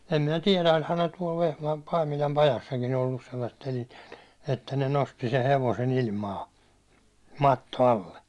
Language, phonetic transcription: Finnish, em minä "tiɛlä oĺhan ne tuål Vehmaa- , Paimilam 'pajassakin ‿ollus sellasset (telineet) , että ne nosti se 'hevose'n ‿ilmaa , 'matto alle .
- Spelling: en minä tiedä olihan ne tuolla - Paimilan pajassakin ollut sellaiset telineet että ne nosti sen hevosen ilmaan matto alle

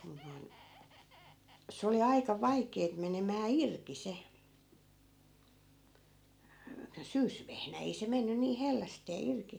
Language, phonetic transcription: Finnish, mun noi̮n , se oli 'aika "vaik̀eet menemää "irki 'se , 'syysvehnä 'ei se 'menny niih 'hellästee 'irki .
- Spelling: mutta noin se oli aika vaikeata menemään irti se syysvehnä ei se mennyt niin hellästi irti

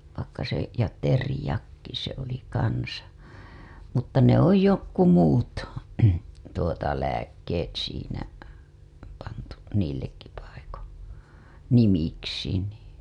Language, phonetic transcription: Finnish, vaikka se , ja "terĭjakki se oli 'kansa , mutta ne ‿oj jokku muut , tuota lääk§k§eet siinä , pantu , niillekki paiko , 'nimiksi nii .
- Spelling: vaikka se ja teriakki se oli kanssa mutta ne ole jotkut muut tuota lääkkeet siinä pantu niillekin paikoin nimiksi niin

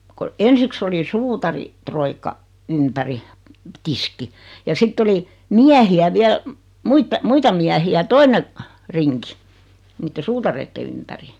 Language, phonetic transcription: Finnish, ko , 'ensiks oli 'suutari- , -'troikka , 'ympäri , "tiski , ja 'sitt ‿oli , "miähi₍ä 'viäl , 'muita 'muita miähi₍ä 'töine , 'riŋki , 'niitte "suutareitte ympäri .
- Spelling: kun ensiksi oli - suutaritroikka ympäri tiskin ja sitten oli miehiä vielä muita muita miehiä toinen rinki niiden suutareiden ympäri

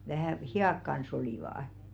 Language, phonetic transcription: Finnish, vähä̀ "hi₍àk kans 'olìvà₍ᵃ .
- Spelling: vähän hihat kanssa olivat

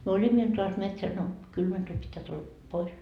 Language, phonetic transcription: Finnish, myö "oĺimmo 'iltaa ast metsäs no , 'kylmä tuĺ pittää tulla , pois .
- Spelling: me olimme iltaan asti metsässä no kylmä tuli pitää tulla pois

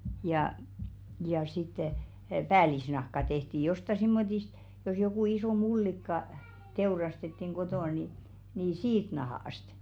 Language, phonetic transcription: Finnish, jà , ja sitte , "päälisnahka 'tehti josta simmotist , jos jokù 'isò "mullikka , 'teurastettiŋ 'ɢotò ni , nii "siit 'nahò₍ast .
- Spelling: ja ja sitten päällisnahka tehtiin jostakin semmoisesta jos joku iso mullikka teurastettiin kotona niin niin siitä nahasta

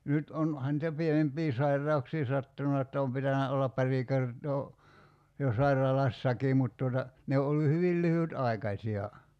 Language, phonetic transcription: Finnish, 'nyt on- , ohan [nii]tä 'pienemp̀ii 'sairra₍uksii 'sattuna että om 'pitänä ollap 'pari kertoo , jo 'saira"lassakii mut tuota , 'ne o ollu 'hyvil 'lyhyt₍'ai̬kaśi₍a .
- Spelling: nyt - onhan niitä pienempiä sairauksia sattunut että on pitänyt olla pari kertaa jo sairaalassakin mutta tuota ne on ollut hyvin lyhytaikaisia

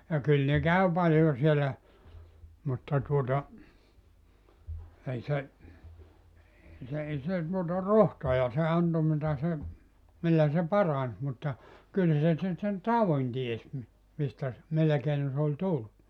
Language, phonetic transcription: Finnish, ja 'kyl ne 'käy paljo siellä , mutta tuota , 'ei se , ee se ei se , tuota "rohtoja se 'anto mitä se , 'millä se "parans mutta , 'kyl se se sen "tauvin 'ties mi- , mistä ‿s- , 'millä keino se ol "tul(lu) .
- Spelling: ja kyllä ne kävi paljon siellä mutta tuota ei se ei se ei se tuota rohtoja se antoi mitä se millä se paransi mutta kyllä se se sen taudin tiesi - mistä - millä keinoin se oli tullut

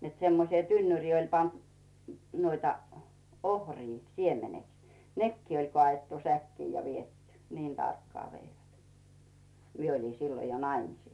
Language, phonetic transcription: Finnish, net semmosⁱe 'tynnyŕii oĺ pant , nuoita , 'ohrii , 'siemeneks , "nekkii oĺ kᵒà₍ettu 'säkkii ja 'viet̳t̳y , 'niin tarkkaa 'veivät , 'mie oli 'siilo jo "naimisìs .
- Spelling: että semmoiseen tynnyriin oli pantu noita ohria siemeneksi nekin oli kaadettu säkkiin ja viety niin tarkkaan veivät minä olin silloin jo naimisissa

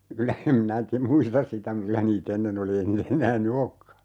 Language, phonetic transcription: Finnish, 'kylä 'em minä ti - "muistas sitä m̥ - 'kylä nii't ‿ennen ‿oli 'ei (ne) 'eǹää ny "okka .
- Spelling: kyllä en minä - muista sitä - kyllä niitä ennen oli ei ne enää nyt olekaan

